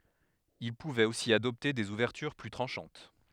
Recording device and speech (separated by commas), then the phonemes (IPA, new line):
headset microphone, read sentence
il puvɛt osi adɔpte dez uvɛʁtyʁ ply tʁɑ̃ʃɑ̃t